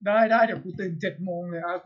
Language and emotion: Thai, neutral